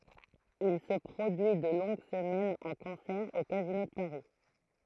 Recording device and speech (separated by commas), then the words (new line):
throat microphone, read sentence
Il se produit de longues semaines en concert au Casino de Paris.